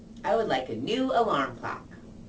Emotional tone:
neutral